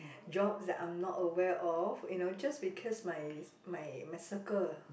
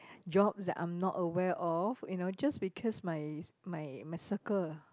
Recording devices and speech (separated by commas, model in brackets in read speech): boundary microphone, close-talking microphone, conversation in the same room